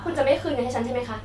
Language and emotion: Thai, frustrated